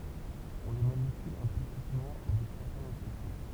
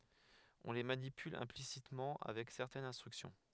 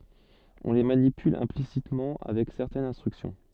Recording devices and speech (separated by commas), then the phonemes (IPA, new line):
temple vibration pickup, headset microphone, soft in-ear microphone, read sentence
ɔ̃ le manipyl ɛ̃plisitmɑ̃ avɛk sɛʁtɛnz ɛ̃stʁyksjɔ̃